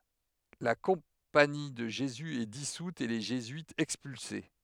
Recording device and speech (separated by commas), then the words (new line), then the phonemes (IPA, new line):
headset microphone, read sentence
La Compagnie de Jésus est dissoute et les jésuites expulsés.
la kɔ̃pani də ʒezy ɛ disut e le ʒezyitz ɛkspylse